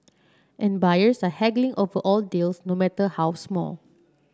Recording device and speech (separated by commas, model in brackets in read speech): standing microphone (AKG C214), read sentence